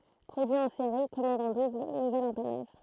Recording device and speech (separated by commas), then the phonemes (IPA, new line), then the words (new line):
throat microphone, read sentence
pʁodyi ɑ̃ seʁi kɔmɑ̃d ɑ̃ dubl nuvɛl ɑ̃panaʒ
Produit en série, commande en double, nouvel empannage.